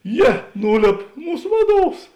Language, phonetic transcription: Lithuanian, ˈjie ˈnūˌlėp ˈmūs ˈvaˌduovs

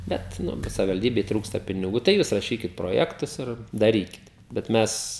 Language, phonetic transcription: Lithuanian, ˈbet ˈnu kai savivalˈdybei ˈtrūksta piniˈgų tai ˈjūs raˈšykit proˈjektus ir daˈrykit bet ˈmes

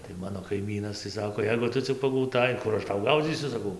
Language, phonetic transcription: Lithuanian, tai ˈmano kaiˈmynas tai ˈsako ˈjeigu ˈtu cik pagauˈtai ˈkur aš ˈtau ˈgaudzysiu saˈkau

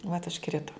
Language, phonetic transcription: Lithuanian, vat užˈkrito

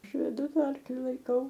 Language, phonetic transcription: Lithuanian, ˈaš veˈdu ˈta ˈarkli laiˈkau

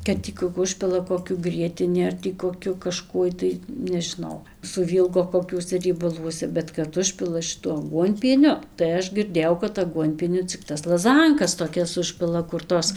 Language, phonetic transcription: Lithuanian, kad ˈtį ku ˈužpila koˈkiu ˈgrietini ar tį koˈkiu kaˈžkuoj tai nežiˈnau suˈvylgo koˈkiuose riebaˈluose bet kad ˈužpila šiˈtuo aˈguonpieniu tai ˈaš girˈdėjau kad aˈguonpieniu cik ˈtas laˈzankas toˈkias ˈužpila kur ˈtos

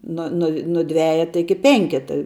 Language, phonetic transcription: Lithuanian, ˈnu nu nu ˈdvejeta ˈiki ˈpenketa

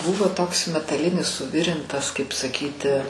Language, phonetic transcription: Lithuanian, ˈbuvo toks metaˈlinis suˈvirintas kaip saˈkyti

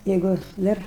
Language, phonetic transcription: Lithuanian, ˈjeigu ˈdar

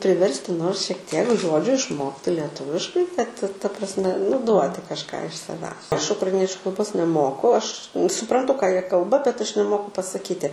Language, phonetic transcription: Lithuanian, priˈversti ˈnors šiek ˈtiek ˈžodžiu išˈmokti lieˈtuviškai kad ta prasˈme nu ˈduoti kažˈką iš saˈvęs ˈaš ukraiˈniečiu kalˈbos neˈmoku ˈaš supranˈtu ką ˈjie ˈkalba bet ˈaš neˈmoku pasaˈkyti

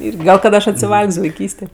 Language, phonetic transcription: Lithuanian, ˈirgi ˈgal kad ˈaš atsiˈval'g's' vaiˈkystė

